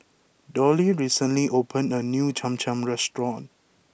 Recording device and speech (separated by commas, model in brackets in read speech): boundary microphone (BM630), read sentence